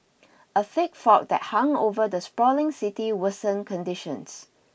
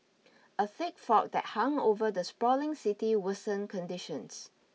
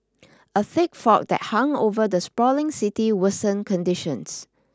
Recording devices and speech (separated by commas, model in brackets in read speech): boundary microphone (BM630), mobile phone (iPhone 6), standing microphone (AKG C214), read sentence